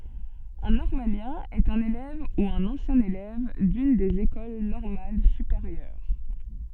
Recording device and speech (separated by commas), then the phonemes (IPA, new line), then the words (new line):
soft in-ear microphone, read sentence
œ̃ nɔʁmaljɛ̃ ɛt œ̃n elɛv u œ̃n ɑ̃sjɛ̃ elɛv dyn dez ekol nɔʁmal sypeʁjœʁ
Un normalien est un élève ou un ancien élève d'une des écoles normales supérieures.